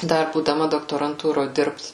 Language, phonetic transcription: Lithuanian, ˈdar būdaˈma doktoranˈtūro ˈdirbt

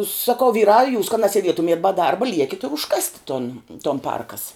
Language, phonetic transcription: Lithuanian, saˈkau ˈvyrā jūs ka nasieˈdietumiet ba ˈdarba ˈliekit' ir užˈkasti ton ton ˈparkas

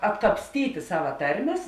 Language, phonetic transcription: Lithuanian, atkapsˈtyti ˈsava ˈtarˌmės

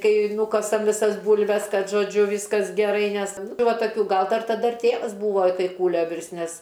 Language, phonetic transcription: Lithuanian, ˈkai ˈnūkasam viˈsas ˈbūlves ˈkad žoˈdžiu ˈvyskas geˈrai ˈnes tai ˈva taˈkių ˈgal ˈdar taˈda ir ˈtėvas ˈbūvo i ˈtai ˈkūlio ˈvirst ˈnes

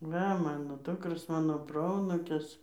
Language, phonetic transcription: Lithuanian, ˈva ˈmano ˈdukros ˈmano ˈproanūkis

